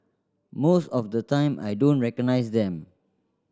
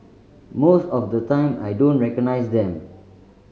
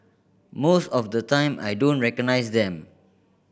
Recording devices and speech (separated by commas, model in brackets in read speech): standing microphone (AKG C214), mobile phone (Samsung C5010), boundary microphone (BM630), read sentence